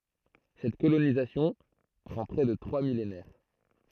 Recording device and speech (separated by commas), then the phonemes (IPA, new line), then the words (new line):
throat microphone, read sentence
sɛt kolonizasjɔ̃ pʁɑ̃ pʁɛ də tʁwa milenɛʁ
Cette colonisation prend près de trois millénaires.